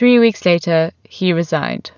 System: none